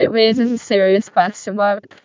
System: VC, vocoder